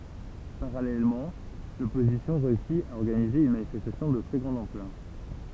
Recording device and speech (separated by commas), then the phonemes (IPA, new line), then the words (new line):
temple vibration pickup, read sentence
paʁalɛlmɑ̃ lɔpozisjɔ̃ ʁeysi a ɔʁɡanize yn manifɛstasjɔ̃ də tʁɛ ɡʁɑ̃d ɑ̃plœʁ
Parallèlement, l'opposition réussit à organiser une manifestation de très grande ampleur.